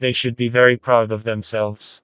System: TTS, vocoder